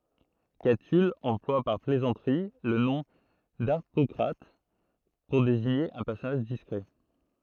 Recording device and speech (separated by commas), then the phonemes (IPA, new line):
throat microphone, read sentence
katyl ɑ̃plwa paʁ plɛzɑ̃tʁi lə nɔ̃ daʁpɔkʁat puʁ deziɲe œ̃ pɛʁsɔnaʒ diskʁɛ